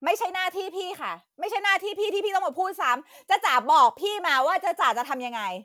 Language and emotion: Thai, angry